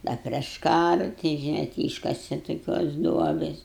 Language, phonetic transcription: Lithuanian, ˈda prieš ˈkara ti žiˈnai ti ˈyškase toˈkios ˈduobės

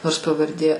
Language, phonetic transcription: Lithuanian, nors pavarˈdė

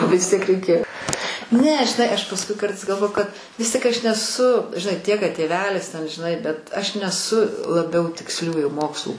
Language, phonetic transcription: Lithuanian, vis ˈtiek reiˈkėjo ˈne žiˈnai ˈaš pasˈkui ˈkartais galˈvoju kad vis ˈtiek aš neˈsu žiˈnai ˈtiek kad tėˈvelis ten žiˈnai bet ˈaš neˈsu laˈbiau tiksˈliųjų ˈmokslų

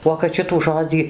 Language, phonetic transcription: Lithuanian, uo kad ˈšitų ˈžodzį

